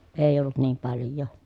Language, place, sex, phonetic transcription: Finnish, Pielisjärvi, female, èij ‿ollut niim palj̆joo .
- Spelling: ei ollut niin paljoa

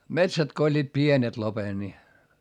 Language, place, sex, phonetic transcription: Finnish, Hietamäki, male, metsät ko oĺĺiit pienet lopen ni ,.
- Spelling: metsät kun olivat pienet lopen niin

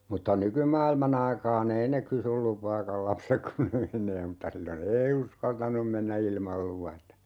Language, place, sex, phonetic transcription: Finnish, Urjala, male, 'mutta "nykymaailma'n ‿aikaa"n ‿ei ne 'kysyl "lupaakal 'lapsek 'kun ne 'meǹee mutta 'sillo"n ‿ei 'uskaltanum 'mennä 'ilmal 'luvata .
- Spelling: mutta nykymaailman aikaan ei ne kysy lupaakaan lapset kun ne menee mutta silloin ei uskaltanut mennä ilman luvatta

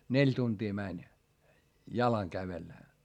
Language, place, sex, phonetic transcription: Finnish, Hietamäki, male, neĺ tuntii mäń , jalaŋ kävellä .
- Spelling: neljä tuntia meni jalan kävellä

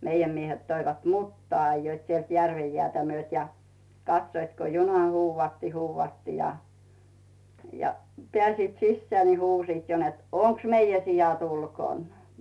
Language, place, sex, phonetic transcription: Finnish, Rautu, female, 'meijäm miehet 'toivat "muttᵒà ‿ajjoit sielt 'järvej "jeä̀tä 'myöt ja , 'katsoit ko 'juna "huuvvatti "huuvvatti ja , ja , "pᵉä̀siit 'sissᵉää ni "huusiit jo net » "oŋks "meijä 'sijat 'ulkòn ? « .
- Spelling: meidän miehet toivat mutaa ajoivat sieltä järven jäätä myöten ja katsoivat kun juna huudatti huudatti ja ja pääsivät sisään niin huusivat jo että onko meidän siat ulkona

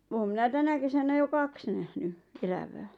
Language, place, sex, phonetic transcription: Finnish, Lappajärvi, female, oom 'minä "tänä kesänä jo "kaks nähny , 'elävää .
- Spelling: olen minä tänä kesänä jo kaksi nähnyt elävää

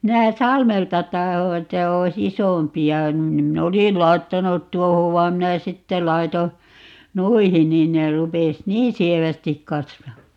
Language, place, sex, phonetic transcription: Finnish, Paavola, female, 'minä "Salmelta 'taho että 'oi"s ‿isompi₍a nim 'min"n ‿olisil 'lai̮ttanut "tuohov vaim 'minä "sitte 'lai̮to , "nuihin 'niin ne 'rupes "niin 'sievästik 'kasvaa .
- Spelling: minä Salmelta tahdoin että olisi isompia niin minä olisin laittanut tuohon vaan minä sitten laitoin noihin niin ne rupesi niin sievästi kasvamaan

